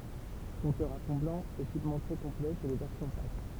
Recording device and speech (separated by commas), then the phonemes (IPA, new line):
temple vibration pickup, read sentence
kɔ̃tœʁz a fɔ̃ blɑ̃ ekipmɑ̃ tʁɛ kɔ̃plɛ syʁ le vɛʁsjɔ̃ pak